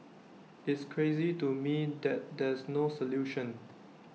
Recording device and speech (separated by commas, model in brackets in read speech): mobile phone (iPhone 6), read sentence